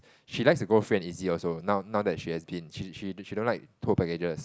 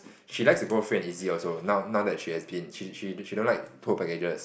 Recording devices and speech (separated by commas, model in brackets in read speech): close-talking microphone, boundary microphone, conversation in the same room